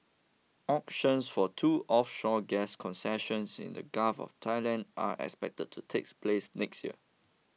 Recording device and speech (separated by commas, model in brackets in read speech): mobile phone (iPhone 6), read sentence